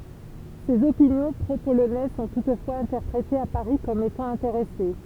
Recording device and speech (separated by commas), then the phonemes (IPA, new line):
temple vibration pickup, read sentence
sez opinjɔ̃ pʁopolonɛz sɔ̃ tutfwaz ɛ̃tɛʁpʁetez a paʁi kɔm etɑ̃ ɛ̃teʁɛse